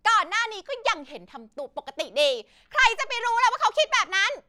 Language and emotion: Thai, angry